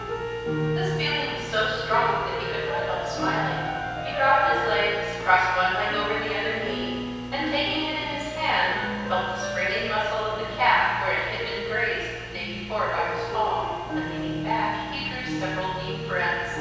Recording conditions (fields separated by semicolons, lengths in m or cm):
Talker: one person; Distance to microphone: 7.1 m; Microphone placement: far; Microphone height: 1.7 m; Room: very reverberant, large; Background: music